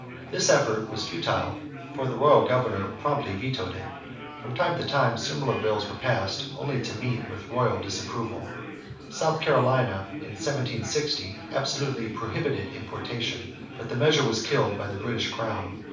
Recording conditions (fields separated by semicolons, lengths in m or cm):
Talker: one person; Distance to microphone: 5.8 m; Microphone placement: far; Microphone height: 1.8 m; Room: medium-sized (5.7 m by 4.0 m); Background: babble